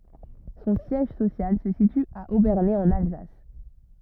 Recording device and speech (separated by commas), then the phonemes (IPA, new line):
rigid in-ear microphone, read sentence
sɔ̃ sjɛʒ sosjal sə sity a obɛʁne ɑ̃n alzas